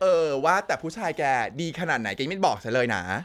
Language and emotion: Thai, happy